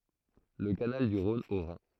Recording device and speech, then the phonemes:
throat microphone, read sentence
lə kanal dy ʁɔ̃n o ʁɛ̃

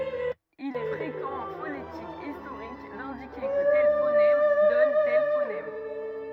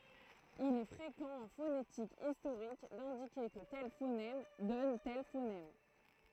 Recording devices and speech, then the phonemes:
rigid in-ear microphone, throat microphone, read sentence
il ɛ fʁekɑ̃ ɑ̃ fonetik istoʁik dɛ̃dike kə tɛl fonɛm dɔn tɛl fonɛm

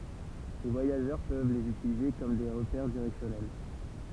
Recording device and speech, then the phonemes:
temple vibration pickup, read sentence
le vwajaʒœʁ pøv lez ytilize kɔm de ʁəpɛʁ diʁɛksjɔnɛl

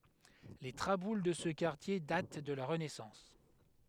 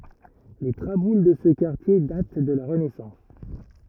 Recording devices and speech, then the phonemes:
headset microphone, rigid in-ear microphone, read sentence
le tʁabul də sə kaʁtje dat də la ʁənɛsɑ̃s

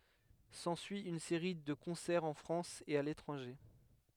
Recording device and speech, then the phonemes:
headset microphone, read sentence
sɑ̃syi yn seʁi də kɔ̃sɛʁz ɑ̃ fʁɑ̃s e a letʁɑ̃ʒe

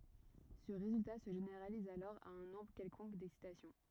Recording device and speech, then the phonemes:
rigid in-ear microphone, read sentence
sə ʁezylta sə ʒeneʁaliz alɔʁ a œ̃ nɔ̃bʁ kɛlkɔ̃k dɛksitasjɔ̃

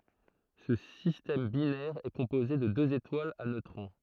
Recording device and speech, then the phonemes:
throat microphone, read sentence
sə sistɛm binɛʁ ɛ kɔ̃poze də døz etwalz a nøtʁɔ̃

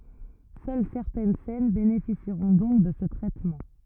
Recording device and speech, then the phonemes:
rigid in-ear microphone, read sentence
sœl sɛʁtɛn sɛn benefisiʁɔ̃ dɔ̃k də sə tʁɛtmɑ̃

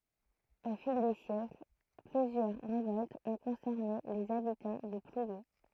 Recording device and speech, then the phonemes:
throat microphone, read sentence
o fil de sjɛkl plyzjœʁ ʁevɔltz ɔ̃ kɔ̃sɛʁne lez abitɑ̃ də plwje

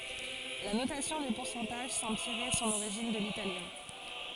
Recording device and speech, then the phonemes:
forehead accelerometer, read sentence
la notasjɔ̃ de puʁsɑ̃taʒ sɑ̃bl tiʁe sɔ̃n oʁiʒin də litaljɛ̃

